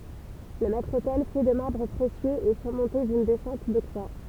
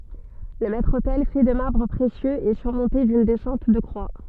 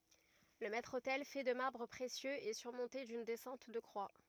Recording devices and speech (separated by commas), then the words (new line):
temple vibration pickup, soft in-ear microphone, rigid in-ear microphone, read sentence
Le maître-autel, fait de marbres précieux, est surmonté d’une descente de croix.